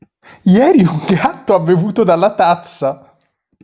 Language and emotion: Italian, happy